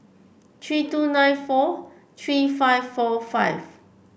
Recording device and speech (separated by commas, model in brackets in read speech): boundary microphone (BM630), read sentence